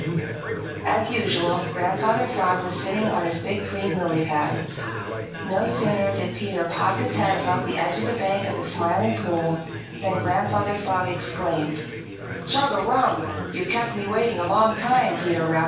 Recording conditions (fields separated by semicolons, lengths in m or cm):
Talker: one person; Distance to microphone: 9.8 m; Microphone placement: far; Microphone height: 1.8 m; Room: large; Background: babble